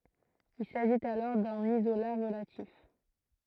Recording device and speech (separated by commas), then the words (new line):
throat microphone, read sentence
Il s'agit alors d'un isolat relatif.